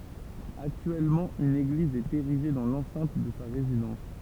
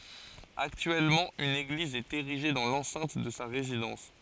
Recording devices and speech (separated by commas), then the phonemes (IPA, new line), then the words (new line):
temple vibration pickup, forehead accelerometer, read sentence
aktyɛlmɑ̃ yn eɡliz ɛt eʁiʒe dɑ̃ lɑ̃sɛ̃t də sa ʁezidɑ̃s
Actuellement, une église est érigée dans l'enceinte de sa résidence.